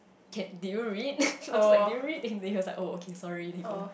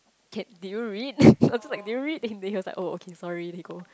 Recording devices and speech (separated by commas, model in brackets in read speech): boundary microphone, close-talking microphone, conversation in the same room